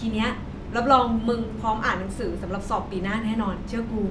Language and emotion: Thai, neutral